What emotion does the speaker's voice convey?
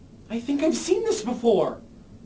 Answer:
happy